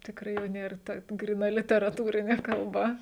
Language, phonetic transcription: Lithuanian, tikˈrai jau ˈnėr ˈta gryˈna literaˈtūrinė kalˈba

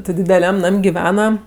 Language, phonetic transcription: Lithuanian, ti dideˈliam ˈnam' giˈvena

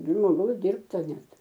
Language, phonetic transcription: Lithuanian, žmoˈgaus ˈdirbta ˈnet

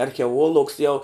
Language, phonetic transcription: Lithuanian, archeˈoluogs jau

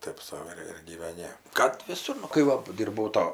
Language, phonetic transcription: Lithuanian, ˈtaip sau ir ir gyveˈni kad viˈsur nu kai ˈva ˈdyrbau ˈto

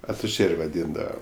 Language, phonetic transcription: Lithuanian, atuˈžėr' vaˈdyndava

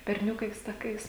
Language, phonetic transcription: Lithuanian, berˈniukais taˈkais

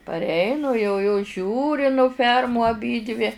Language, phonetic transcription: Lithuanian, parˈeinu jau jos ˈžiūri nu ˈfermų aˈbydvi

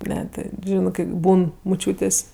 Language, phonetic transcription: Lithuanian, ˈne ˈti ˈžinɜ kɜ ˈbūn muˈčiūtės'

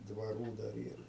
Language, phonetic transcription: Lithuanian, dvaˈrų dar ˈyr

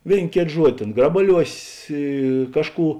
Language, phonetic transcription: Lithuanian, ˈvėin ˈkėt ˈžuodi ˈtėn ˈgrabaˌliuosės i ˈkažˌkų

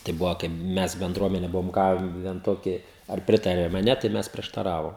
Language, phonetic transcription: Lithuanian, tai ˈbuvo kaip ˈmes benˈdruomene ˈbuvom ˈgaven ˈtoki ar ˈpritariam a ˈne tai ˈmes prieštaˈravom

